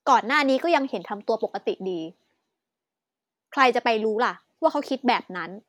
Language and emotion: Thai, angry